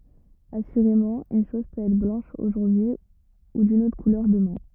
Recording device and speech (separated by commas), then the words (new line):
rigid in-ear microphone, read sentence
Assurément, une chose peut être blanche aujourd’hui ou d’une autre couleur demain.